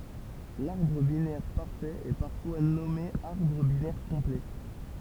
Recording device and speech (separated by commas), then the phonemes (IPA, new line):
temple vibration pickup, read sentence
laʁbʁ binɛʁ paʁfɛt ɛ paʁfwa nɔme aʁbʁ binɛʁ kɔ̃plɛ